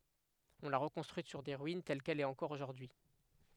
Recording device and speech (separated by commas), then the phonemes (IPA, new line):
headset microphone, read sentence
ɔ̃ la ʁəkɔ̃stʁyit syʁ se ʁyin tɛl kɛl ɛt ɑ̃kɔʁ oʒuʁdyi